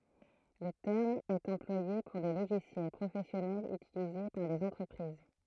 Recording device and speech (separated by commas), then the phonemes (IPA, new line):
throat microphone, read sentence
lə tɛʁm ɛt ɑ̃plwaje puʁ de loʒisjɛl pʁofɛsjɔnɛlz ytilize paʁ dez ɑ̃tʁəpʁiz